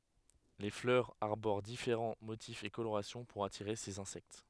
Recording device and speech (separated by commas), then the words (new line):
headset microphone, read sentence
Les fleurs arborent différents motifs et colorations pour attirer ces insectes.